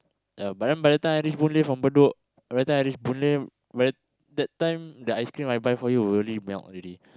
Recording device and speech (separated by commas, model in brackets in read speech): close-talking microphone, conversation in the same room